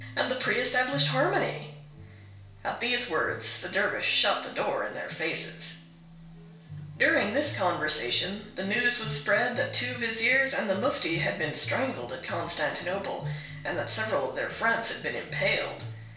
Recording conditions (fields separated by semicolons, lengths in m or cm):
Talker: one person; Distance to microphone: 1.0 m; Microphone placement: close; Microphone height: 1.1 m; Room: small (3.7 m by 2.7 m); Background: music